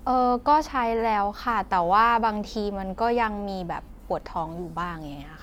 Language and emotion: Thai, neutral